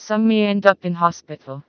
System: TTS, vocoder